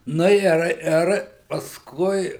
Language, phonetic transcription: Lithuanian, ˈnu ir ˈir pasˈkui

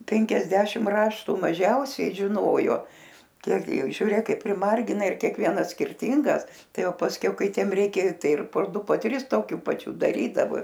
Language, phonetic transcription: Lithuanian, ˈpenkiasdešim ˈraštu maˈžiausiai žiˈnojo ˈkiek gi ˈjau žiuˈrėk ˈkaip priˈmargina ir kiekˈvienas skirˈtyngas ˈtai ˈjau pasˈkiau ˈkai ˈtiem ˈreikia ˈtai ir po ˈdu po ˈtris toˈkių paˈčių daˈrydavo

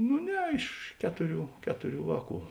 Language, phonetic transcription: Lithuanian, nu ˈne iš ˈketuˌrių ˈketuˌrių ˈvāˌkų

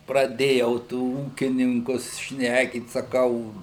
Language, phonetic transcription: Lithuanian, praˈdėjau tų ˈūkininkus ˈšnekyt saˈkau

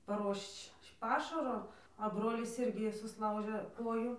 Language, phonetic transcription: Lithuanian, paˈruošč ˈpašaro a ˈbrolis ˈirgi susˈlaužė ˈkoju

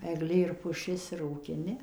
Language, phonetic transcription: Lithuanian, egˈlė ir puˈšis ir rūkiˈni

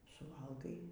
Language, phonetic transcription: Lithuanian, suˈvalgai

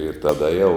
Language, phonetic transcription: Lithuanian, ir taˈda jau

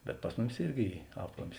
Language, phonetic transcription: Lithuanian, bet ˈpas muˌmis ˈirgi ˈy ˈaplamis

